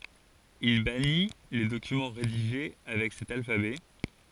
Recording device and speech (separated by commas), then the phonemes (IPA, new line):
forehead accelerometer, read sentence
il bani le dokymɑ̃ ʁediʒe avɛk sɛt alfabɛ